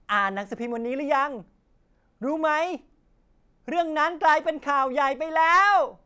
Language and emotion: Thai, happy